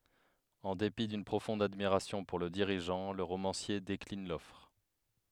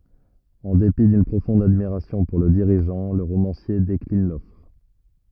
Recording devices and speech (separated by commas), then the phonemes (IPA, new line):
headset microphone, rigid in-ear microphone, read sentence
ɑ̃ depi dyn pʁofɔ̃d admiʁasjɔ̃ puʁ lə diʁiʒɑ̃ lə ʁomɑ̃sje deklin lɔfʁ